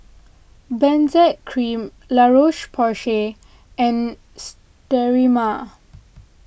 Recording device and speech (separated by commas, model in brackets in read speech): boundary microphone (BM630), read sentence